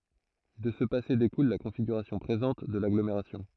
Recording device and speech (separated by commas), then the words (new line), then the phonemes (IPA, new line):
throat microphone, read sentence
De ce passé découle la configuration présente de l'agglomération.
də sə pase dekul la kɔ̃fiɡyʁasjɔ̃ pʁezɑ̃t də laɡlomeʁasjɔ̃